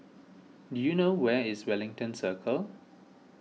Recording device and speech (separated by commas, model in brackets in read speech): mobile phone (iPhone 6), read sentence